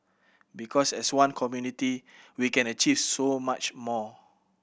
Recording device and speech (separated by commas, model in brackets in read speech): boundary microphone (BM630), read sentence